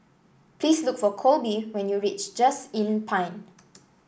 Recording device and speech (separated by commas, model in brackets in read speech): boundary microphone (BM630), read sentence